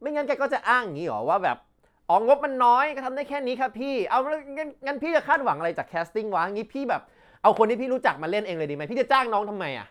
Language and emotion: Thai, frustrated